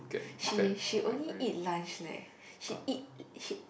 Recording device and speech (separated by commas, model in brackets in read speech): boundary microphone, conversation in the same room